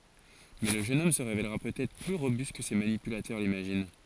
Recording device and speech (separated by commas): forehead accelerometer, read sentence